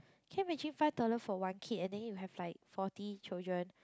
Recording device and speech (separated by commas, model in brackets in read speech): close-talking microphone, conversation in the same room